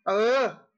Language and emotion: Thai, angry